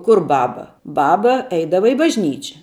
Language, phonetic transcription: Lithuanian, ˈkur ˈbaba ˈbaba ˈeidava i bažˈnyčia

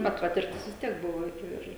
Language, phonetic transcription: Lithuanian, bet ˈpatirtis vis ˈtiek ˈbuvo ˈir

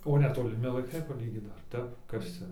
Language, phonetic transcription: Lithuanian, o netoliˈmi laiˈkai paˈlygyt ˈdar ˈtep ˈkas cia

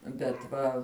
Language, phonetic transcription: Lithuanian, bet ˈva

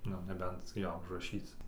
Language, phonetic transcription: Lithuanian, ˈnu neˈbent ˈjo užraˈšyc

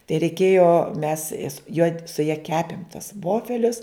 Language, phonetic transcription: Lithuanian, tai reiˈkėjo mes jas jo su ja ˈkepim tas ˈvofelius

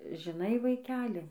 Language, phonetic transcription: Lithuanian, žiˈnai vaiˈkeli

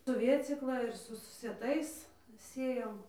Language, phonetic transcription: Lithuanian, su ˈvėcykla ir ˈsu su sieˈtais ˈsėjom

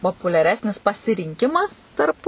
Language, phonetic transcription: Lithuanian, populiaˈresnis pasirinˈkimas tarp

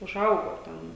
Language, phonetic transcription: Lithuanian, uˈžaugo ˈten

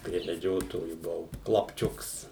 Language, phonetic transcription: Lithuanian, prie meˈdžiotoju buˈvau klapˈčiuks

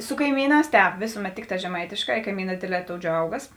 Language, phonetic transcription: Lithuanian, su kaiˈmyˌnās ˈtēp ˈvėsuˌmet ˈtikˌtā žeˈmaitėˌškā i kaiˈmynā ˈdėdˌlē ˈtou ˈdžiaugas

